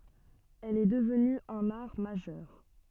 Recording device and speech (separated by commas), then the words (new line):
soft in-ear microphone, read sentence
Elle est devenue un art majeur.